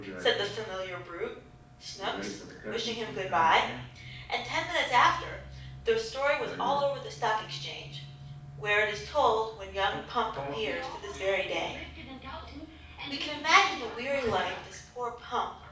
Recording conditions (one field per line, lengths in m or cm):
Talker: one person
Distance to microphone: 5.8 m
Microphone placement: far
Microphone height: 1.8 m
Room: medium-sized (5.7 m by 4.0 m)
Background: television